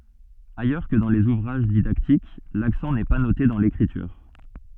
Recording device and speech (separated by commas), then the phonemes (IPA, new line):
soft in-ear microphone, read sentence
ajœʁ kə dɑ̃ lez uvʁaʒ didaktik laksɑ̃ nɛ pa note dɑ̃ lekʁityʁ